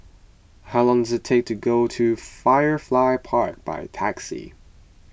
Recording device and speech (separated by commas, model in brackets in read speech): boundary microphone (BM630), read sentence